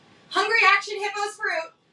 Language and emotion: English, happy